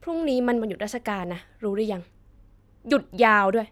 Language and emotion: Thai, frustrated